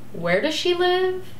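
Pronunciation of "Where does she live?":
'Where does she live?' is said with a falling intonation.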